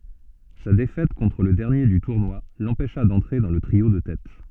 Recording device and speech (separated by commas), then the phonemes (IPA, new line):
soft in-ear microphone, read sentence
sa defɛt kɔ̃tʁ lə dɛʁnje dy tuʁnwa lɑ̃pɛʃa dɑ̃tʁe dɑ̃ lə tʁio də tɛt